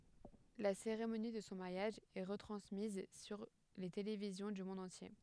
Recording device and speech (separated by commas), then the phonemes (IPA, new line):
headset microphone, read sentence
la seʁemoni də sɔ̃ maʁjaʒ ɛ ʁətʁɑ̃smiz syʁ le televizjɔ̃ dy mɔ̃d ɑ̃tje